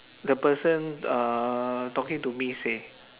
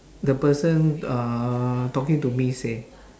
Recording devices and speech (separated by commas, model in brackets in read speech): telephone, standing microphone, conversation in separate rooms